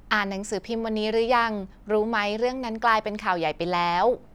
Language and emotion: Thai, neutral